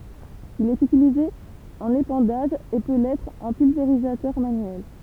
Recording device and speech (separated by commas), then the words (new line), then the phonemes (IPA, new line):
temple vibration pickup, read sentence
Il est utilisé en épandage et peut l'être en pulvérisateur manuel.
il ɛt ytilize ɑ̃n epɑ̃daʒ e pø lɛtʁ ɑ̃ pylveʁizatœʁ manyɛl